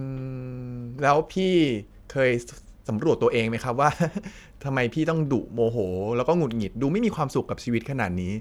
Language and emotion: Thai, neutral